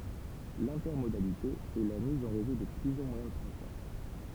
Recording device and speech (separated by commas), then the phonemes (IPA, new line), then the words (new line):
temple vibration pickup, read sentence
lɛ̃tɛʁmodalite ɛ la miz ɑ̃ ʁezo də plyzjœʁ mwajɛ̃ də tʁɑ̃spɔʁ
L'intermodalité est la mise en réseau de plusieurs moyens de transport.